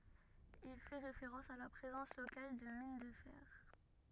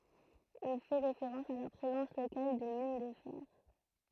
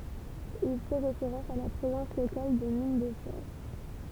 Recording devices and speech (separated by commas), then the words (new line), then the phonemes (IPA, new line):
rigid in-ear microphone, throat microphone, temple vibration pickup, read sentence
Il fait référence à la présence locale de mines de fer.
il fɛ ʁefeʁɑ̃s a la pʁezɑ̃s lokal də min də fɛʁ